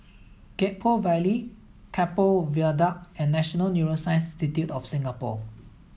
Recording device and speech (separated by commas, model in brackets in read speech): mobile phone (iPhone 7), read sentence